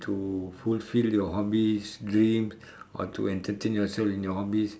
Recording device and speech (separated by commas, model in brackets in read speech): standing microphone, conversation in separate rooms